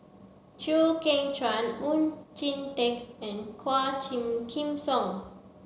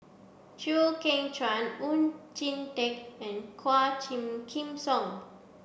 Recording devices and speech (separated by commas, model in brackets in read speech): mobile phone (Samsung C7), boundary microphone (BM630), read sentence